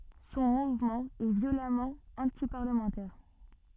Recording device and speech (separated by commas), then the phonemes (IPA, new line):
soft in-ear microphone, read sentence
sɔ̃ muvmɑ̃ ɛ vjolamɑ̃ ɑ̃tipaʁləmɑ̃tɛʁ